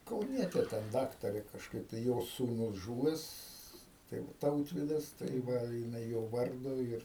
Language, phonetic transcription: Lithuanian, kauˈnietė ten ˈdaktarė kažˈkaip tai ˈjos sūˈnus ˈžūves ˈtai ˈtautvidas tai ˈva jiˈnai ˈjo ˈvardu ir

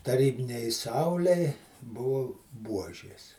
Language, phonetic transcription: Lithuanian, taˈrybinei ˈsaulei ˈbuvu ˈbuožės

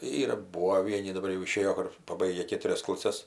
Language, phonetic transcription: Lithuanian, ˈyra ˈbūvo ˈvieni daˈbar jau iˈšėjo ˈkur paˈbaigia ˈkėturias klaˈses

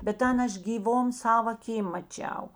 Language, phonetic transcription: Lithuanian, bet ˈten ˈaš gyˈvom ˈsava aˈkym maˈčiau

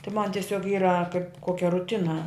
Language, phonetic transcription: Lithuanian, tai man tieˈsiog ˈyra kaip ˈkokia ruˈtina

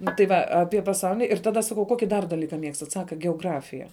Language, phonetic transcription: Lithuanian, ˈnu tai ˈva ˈapie paˈsaulini ir ˈtada ˈsakau ˈkoki dar daˈlyka ˈmiegstat ˈsaka geoˈgrafija

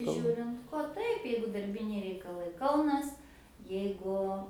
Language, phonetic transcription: Lithuanian, ˈžiūrint ko ˈtaip ˈjeigu darˈbiniai reikaˈlai ˈkaunas jeiˈgu

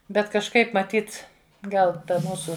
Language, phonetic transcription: Lithuanian, ˈbet kažˈkaip maˈtyt ˈgal ˈta ˈmūsu

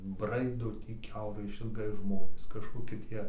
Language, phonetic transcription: Lithuanian, ˈbraido ˈtį ˈkiaurai išilˈgai ˈžmonės kažkoˈki ˈtie

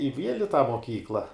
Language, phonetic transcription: Lithuanian, i ˈviel' i tą moˈkykla

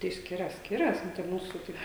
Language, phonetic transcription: Lithuanian, tai ˈskiras ˈskiras ˈnu tai ˈmūsu ˈtaip

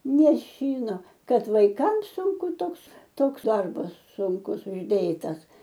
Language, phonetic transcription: Lithuanian, neˈšyno ˈkad vaiˈkams ˈsunku ˈtoks ˈtoks ˈdarbas sunˈkus užˈdėtas

